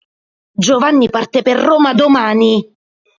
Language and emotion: Italian, angry